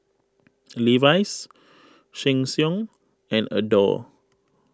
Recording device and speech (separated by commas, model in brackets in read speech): close-talking microphone (WH20), read sentence